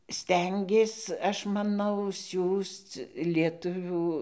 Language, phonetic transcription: Lithuanian, ˈstengės ˈaš maˈnau ˈsiųsc lieˈtuvių

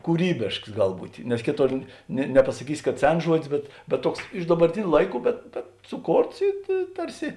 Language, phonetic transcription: Lithuanian, kūˈrybėšks ˈgal ˈbūtė nes ˈkėˌtor ne nepasaˈkysi kad ˈsens ˈžuodis bet bet ˈtuoks iš dabarˈtiniu ˈlaiˌkų bet bet suˈkorts i i ˈtarˌsi

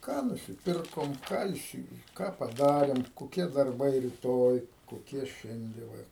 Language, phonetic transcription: Lithuanian, ˈką nusiˈpirkom ˈką įˈsi ˈką paˈdarėm koˈkie darˈbai riˈtoj koˈkie ˈšiande ˈva

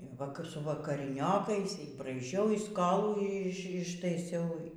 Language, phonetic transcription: Lithuanian, va ˈkap su vakariˈniokais y braiˈžiau y ˈskolų ˈiš ištaiˈsiau

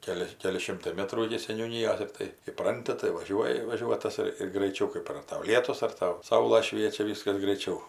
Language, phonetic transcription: Lithuanian, ˈkeli ˈkeli ˈšimtai ˈmetrų iki seniūˈnyjos ir ˈtai iˈpranti tai vaˈžiuoji vaˈžiuotas ir ir graiˈčiau ˈkɜp ar ˈtau ˈlietus ar ˈtau ˈsaula ˈšviečia ˈvyskas graiˈčiau

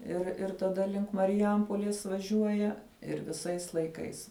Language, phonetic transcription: Lithuanian, ir ir taˈda link mariˈjampolės vaˈžiuoja ir viˈsais laiˈkais

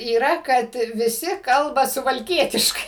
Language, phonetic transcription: Lithuanian, yˈra kad viˈsi ˈkalba suvalˈkietiškai

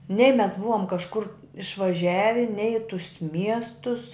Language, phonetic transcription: Lithuanian, nei mes ˈbuvom kažˈkur išvaˈžiavi nei i tus ˈmiestus

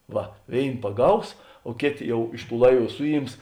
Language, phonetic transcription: Lithuanian, ˈva ˈvėin paˈgaus o ˈkėˌtė ˈjau ˈiš ˌtų ˈlaiˌvų ˈsuˌjyms

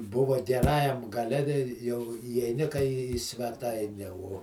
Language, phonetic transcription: Lithuanian, ˈbuva geˈrajam gaˈle tei jau įeiˈni kai į sveˈtaine uo

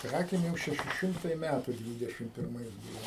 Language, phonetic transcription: Lithuanian, ˈkrakėm ˈjau šeˈši ˈšimtai ˈmætu ˈdvydešim pirˈmais ˈbūvo

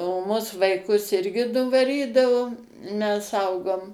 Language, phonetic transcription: Lithuanian, o ˈmus vaiˈkus ˈirgi nuvaˈrydavo mes ˈaugom

